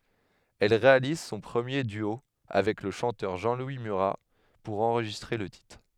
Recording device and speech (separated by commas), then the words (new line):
headset microphone, read sentence
Elle réalise son premier duo avec le chanteur Jean-Louis Murat pour enregistrer le titre.